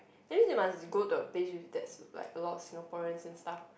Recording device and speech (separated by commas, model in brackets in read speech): boundary microphone, conversation in the same room